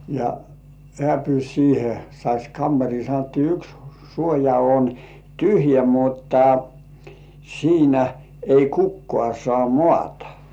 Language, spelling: Finnish, ja hän pyysi siihen saisi kamariin sanottiin yksi suoja on tyhjä mutta siinä ei kukaan saa maata
- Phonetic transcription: ja "hĕä̀ pyys 'siihe , sais "kammar̜ii sanottii » 'yks suoja on "tyhjä 'mutta , 'siinä , ei 'kukkŏà sŏà "mŏàta « .

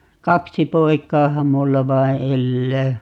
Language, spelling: Finnish, kaksi poikaahan minulla vain elää
- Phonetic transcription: "kaksi 'poik̀aaham 'mulla 'vai 'ellää .

